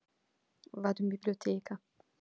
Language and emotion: Italian, sad